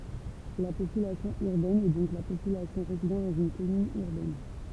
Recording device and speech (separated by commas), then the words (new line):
temple vibration pickup, read sentence
La population urbaine est donc la population résidant dans une commune urbaine.